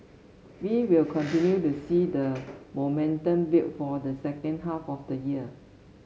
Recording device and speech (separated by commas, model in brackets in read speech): mobile phone (Samsung S8), read sentence